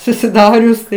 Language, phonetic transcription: Lithuanian, susiˈdarius tai

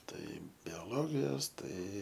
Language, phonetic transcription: Lithuanian, ˈtai biaˈlogijos ˈtai

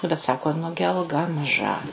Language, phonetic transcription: Lithuanian, nu bet ˈsako ˈnugi alˈga maˈža

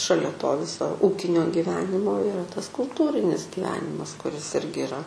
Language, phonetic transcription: Lithuanian, šaˈlia to ˈviso ˈūkinio giˈvenimo iˈra tas kulˈtūrinis giˈvenimas kuˈris ˈirgi iˈra

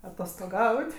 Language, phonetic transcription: Lithuanian, atostoˈgaut'

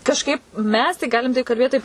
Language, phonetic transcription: Lithuanian, kažˈkaip ˈmes tai ˈgalim tai kalˈbėt taip

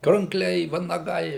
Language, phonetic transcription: Lithuanian, krankˈliai vanaˈgai

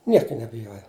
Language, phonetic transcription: Lithuanian, ˈnieka nebiˈjoja

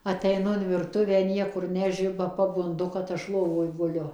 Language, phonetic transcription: Lithuanian, ateiˈnu in virˈtuvę ˈniekur ˈnežiba pabunˈdu kad ˈaš ˈlovoj guˈliu

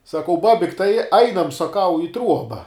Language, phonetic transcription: Lithuanian, saˈkau ˈbabik' tai ˈainam saˈkau i ˈtruoba

